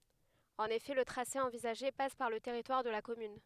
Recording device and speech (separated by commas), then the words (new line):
headset microphone, read sentence
En effet, le tracé envisagé passe par le territoire de la commune.